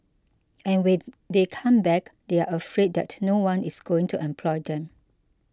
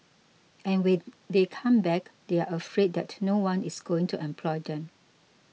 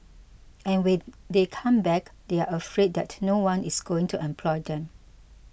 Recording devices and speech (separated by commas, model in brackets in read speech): close-talking microphone (WH20), mobile phone (iPhone 6), boundary microphone (BM630), read sentence